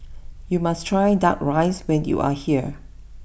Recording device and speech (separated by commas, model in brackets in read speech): boundary microphone (BM630), read sentence